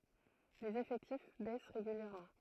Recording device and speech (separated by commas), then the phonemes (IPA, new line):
throat microphone, read sentence
lez efɛktif bɛs ʁeɡyljɛʁmɑ̃